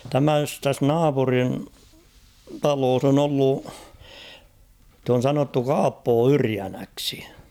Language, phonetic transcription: Finnish, 'tämäs , täs "naapurin "taloos ‿on ‿'ollu , [si]t ‿on 'sanottu "Kaappoo "Yriänäksi .
- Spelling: tämä tässä naapurin talossa on ollut sitä on sanottu Kaappo Yrjänäksi

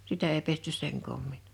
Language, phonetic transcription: Finnish, 'sitä ei pestys seŋ kòmmin .
- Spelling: sitä ei pesty sen koommin

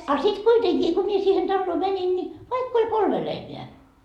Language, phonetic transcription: Finnish, a sit 'kuiteŋkii , ko mie siihen 'talloo 'mänin ni , 'vaikk ‿oĺ 'kolme lehmeä ,.
- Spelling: a sitten kuitenkin kun minä siihen taloon menin niin vaikka oli kolme lehmää

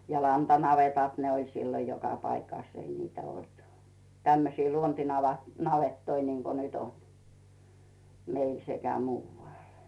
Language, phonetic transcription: Finnish, ja 'lanta'navetàt ne oĺ sillo 'joka paikàs ei niitä olt , tämmösii 'luonti'nava- , 'navettoi niŋko 'nyt ‿on , 'meil sekä "muuvvàl .
- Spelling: ja lantanavetat ne oli silloin joka paikassa ei niitä ollut tämmöisiä - luontinavettoja niin kuin nyt on meillä sekä muualla

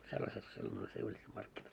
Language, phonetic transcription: Finnish, 'sellaset sillon ‿oĺ se 'Iljussam markkinat .
- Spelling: sellaiset silloin oli se Iljusan markkinat

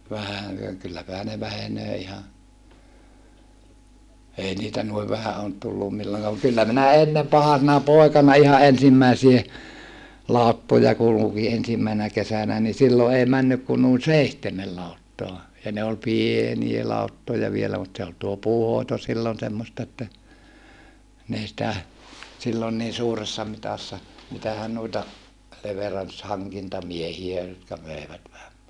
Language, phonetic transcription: Finnish, vähän̬ ja kylläpähä ne vähenöö iha , ei niitä nuiv vähä oot tullum milloŋk(aam) mut kyllä minä ennem pahasena pòekana iha ʼensimmäisie , làuttoja kuluki ensimmäi(se)nä kesänä ni sillo ei männyk ku nuin seihtemel lauttoa , ja ne ol pienie lauttoja vielä mut se ol tuo puuhoito sillon semmosta että , n ‿ei sⁱtä , sillon nii suuressa mitassa , mitähän nuita , leverans haŋkintamiehiä jotka möevät vähä .
- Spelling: vähän ja kylläpähän ne vähenee ihan ei niitä noin vähän ole tullut milloinkaan mutta kyllä minä ennen pahasena poikana ihan ensimmäisiä lauttoja kulki ensimmäisenä kesänä niin silloin ei mennyt kuin noin seitsemän lauttaa ja ne oli pieniä lauttoja vielä mutta se oli tuo puunhoito silloin semmoista että ne ei sitä silloin niin suuressa mitassa mitähän noita leveranssi hankintamiehiä jotka möivät vähän

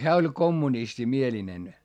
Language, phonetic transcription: Finnish, hää oĺ kommunistimielinen .
- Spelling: hän oli kommunistimielinen

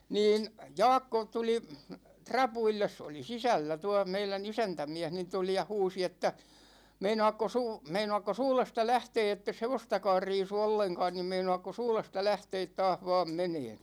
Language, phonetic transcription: Finnish, 'niin , 'Jaakko tuli , "trapuilles se oli "sisällä 'tuå 'meilä"n ‿isäntämiä̗h niin 'tuli ja 'huusi että , » meinoakkos 'uu- , 'meinoakkos 'uulesta 'lähtee ettes 'hevostakaar 'riisu 'olleŋkaan nim 'meinoakkos 'uulesta 'lähteet 'taah 'vaam 'meneen̬ ? «
- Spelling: niin Jaakko tuli rapuille se oli sisällä tuo meidän isäntämies niin tuli ja huusi että meinaatkos - meinaatkos uudesta lähteä että et hevostakaan riisu ollenkaan niin meinaatkos uudesta lähteä taas vain menemään

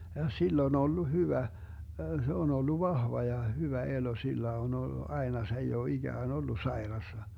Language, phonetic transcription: Finnish, ja 'sill ‿on 'ollu 'hyvä , se on 'ollu "vahva ja 'hyvä 'elo 'sillä on ol(lu) 'aena 's ‿ei oo 'iGään 'ollu 'saerassa .
- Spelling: ja sillä on ollut hyvä se on ollut vahva ja hyvä elo sillä on ollut aina se ei ole ikään ollut sairaana

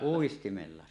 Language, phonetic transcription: Finnish, 'uistimella .
- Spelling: uistimella

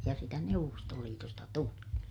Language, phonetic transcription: Finnish, ja sitä Neuvvostoliitosta tuli .
- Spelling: ja sitä Neuvostoliitosta tuli

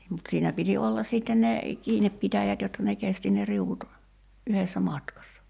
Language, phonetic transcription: Finnish, (niim) mut 'siinä piti ollas 'sìtten ne , "kiineppitäjät jotta ne 'kesti ne 'riuvut , 'yhessä "matkassa .
- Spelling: niin mutta siinä piti olla sitten ne kiinnipitäjät jotta ne kesti ne riu'ut yhdessä matkassa

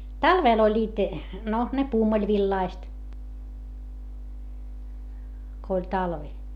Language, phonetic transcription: Finnish, talvèl ‿oĺĺiit , no , ne puumuĺvillaist , ko oĺ talvi .
- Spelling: talvella olivat no ne pumpulivillaiset kun oli talvi

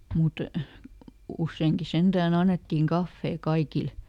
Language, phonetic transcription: Finnish, ˈmut , ˈusseeŋki ˈsenDääˈn ‿annettiiŋ "kaffee ˈkaikil .
- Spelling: mutta useinkin sentään annettiin kahvia kaikille

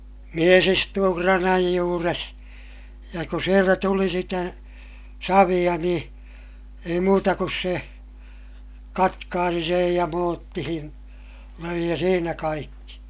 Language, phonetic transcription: Finnish, mies istuu kranaj juures , ja ku sieltä tuli sitä , saviʲa niḭ , ei muuta kus se , katkaasi sej ja moottihin , löi ja siinä kaikki .
- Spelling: mies istui kranan juuressa ja kun sieltä tuli sitä savea niin ei muuta kuin se katkaisi sen ja muottiin löi ja siinä kaikki

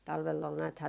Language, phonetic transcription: Finnish, 'talvell ‿ol nääthää ,.
- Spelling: talvella oli näethän

